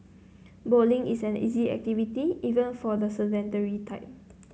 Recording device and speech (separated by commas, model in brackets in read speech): mobile phone (Samsung C9), read sentence